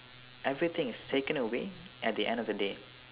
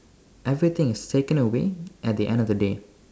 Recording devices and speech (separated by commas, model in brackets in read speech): telephone, standing microphone, conversation in separate rooms